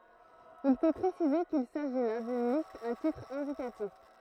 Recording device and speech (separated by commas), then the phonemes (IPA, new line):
throat microphone, read sentence
il fo pʁesize kil saʒi la dyn list a titʁ ɛ̃dikatif